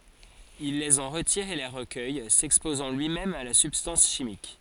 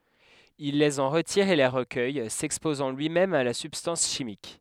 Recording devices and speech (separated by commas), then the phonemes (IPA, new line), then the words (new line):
forehead accelerometer, headset microphone, read sentence
il lez ɑ̃ ʁətiʁ e le ʁəkœj sɛkspozɑ̃ lyimɛm a la sybstɑ̃s ʃimik
Il les en retire et les recueille, s'exposant lui-même à la substance chimique.